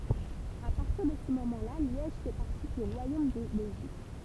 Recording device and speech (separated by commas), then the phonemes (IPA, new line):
temple vibration pickup, read sentence
a paʁtiʁ də sə momɑ̃ la ljɛʒ fɛ paʁti dy ʁwajom də bɛlʒik